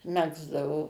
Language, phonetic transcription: Lithuanian, ˈmegzdavo

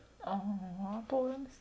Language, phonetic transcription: Lithuanian, aˈha ˈaplamis

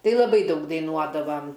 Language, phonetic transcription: Lithuanian, ˈtai laˈbai ˈdaug daiˈnuodavam

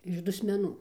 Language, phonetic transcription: Lithuanian, iš dusmeˈnų

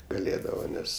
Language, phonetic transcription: Lithuanian, gaˈlėdava ˈnes

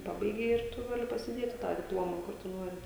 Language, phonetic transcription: Lithuanian, ˈpabaigei ir ˈtu ˈgali pasiˈdėti tą dipˈloma ˈkur tu ˈnuori

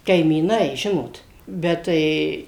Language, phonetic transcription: Lithuanian, kaimyˈnai ˈžinot ˈbet tai

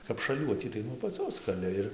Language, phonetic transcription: Lithuanian, kap šaˈliuotį tai nuo apaˈcios kaˈli ir

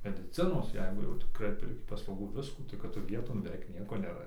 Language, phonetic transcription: Lithuanian, mediˈcinos ˈjeigu jau tiˈkrai perˈki paslauˈgų ˈviskų kad ˈtu ˈvieton beˈveik ˈnieko neˈra

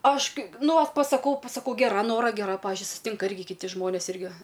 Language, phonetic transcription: Lithuanian, ˈaš ˈkai ˈnu ˈvat pasaˈkau pasaˈkau geˈra ˈnora geˈra ˈpavižiui susiˈtinka ˈirgi kiˈti ˈžmonės ˈirgi

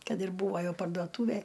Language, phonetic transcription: Lithuanian, ˈkad ir ˈbūvo ˈjau parduoˈtūvej

